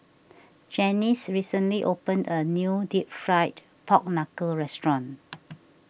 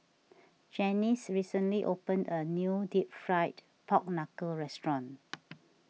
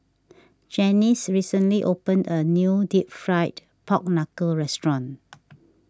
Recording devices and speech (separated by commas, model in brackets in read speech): boundary microphone (BM630), mobile phone (iPhone 6), standing microphone (AKG C214), read sentence